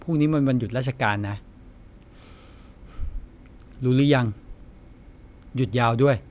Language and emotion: Thai, frustrated